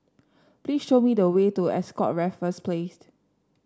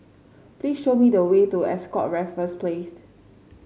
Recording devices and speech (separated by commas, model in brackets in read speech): standing microphone (AKG C214), mobile phone (Samsung C5), read sentence